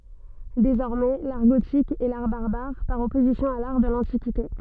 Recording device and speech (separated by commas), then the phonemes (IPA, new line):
soft in-ear microphone, read sentence
dezɔʁmɛ laʁ ɡotik ɛ laʁ baʁbaʁ paʁ ɔpozisjɔ̃ a laʁ də lɑ̃tikite